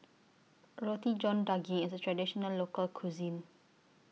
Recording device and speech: mobile phone (iPhone 6), read sentence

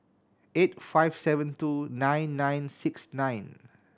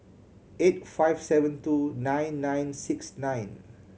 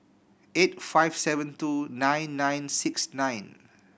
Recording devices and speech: standing microphone (AKG C214), mobile phone (Samsung C7100), boundary microphone (BM630), read sentence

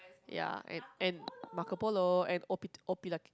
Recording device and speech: close-talking microphone, conversation in the same room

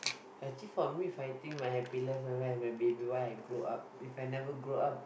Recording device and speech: boundary microphone, conversation in the same room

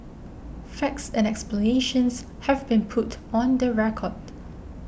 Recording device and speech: boundary microphone (BM630), read sentence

